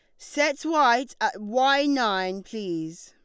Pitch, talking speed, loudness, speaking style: 235 Hz, 125 wpm, -24 LUFS, Lombard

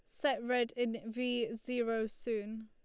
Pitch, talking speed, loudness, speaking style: 230 Hz, 145 wpm, -36 LUFS, Lombard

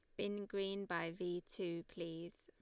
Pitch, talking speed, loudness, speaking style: 175 Hz, 165 wpm, -44 LUFS, Lombard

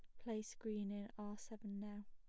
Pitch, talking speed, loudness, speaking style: 210 Hz, 190 wpm, -48 LUFS, plain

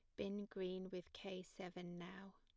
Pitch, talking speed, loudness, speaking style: 185 Hz, 165 wpm, -50 LUFS, plain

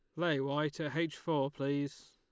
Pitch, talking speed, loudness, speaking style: 150 Hz, 190 wpm, -35 LUFS, Lombard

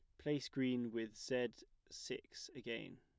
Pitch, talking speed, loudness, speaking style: 125 Hz, 130 wpm, -44 LUFS, plain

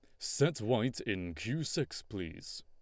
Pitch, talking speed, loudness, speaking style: 105 Hz, 150 wpm, -35 LUFS, Lombard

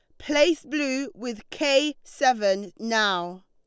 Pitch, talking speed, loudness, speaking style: 255 Hz, 110 wpm, -24 LUFS, Lombard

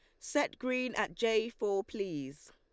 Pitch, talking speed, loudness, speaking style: 230 Hz, 155 wpm, -34 LUFS, Lombard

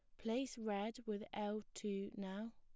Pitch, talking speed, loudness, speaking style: 210 Hz, 155 wpm, -45 LUFS, plain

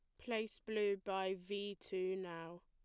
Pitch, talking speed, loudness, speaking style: 190 Hz, 150 wpm, -42 LUFS, plain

